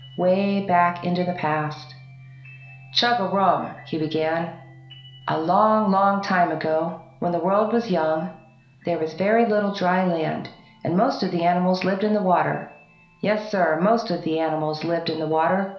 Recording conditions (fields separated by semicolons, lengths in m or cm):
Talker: one person; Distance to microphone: 1.0 m; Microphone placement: close; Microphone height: 1.1 m; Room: small (3.7 m by 2.7 m); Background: music